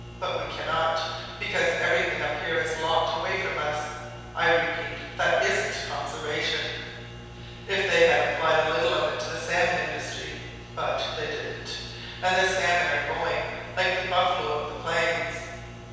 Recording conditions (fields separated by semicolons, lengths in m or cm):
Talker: one person; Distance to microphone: 7.1 m; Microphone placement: far; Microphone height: 1.7 m; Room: very reverberant, large; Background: none